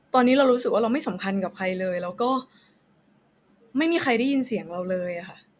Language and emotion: Thai, frustrated